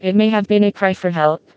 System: TTS, vocoder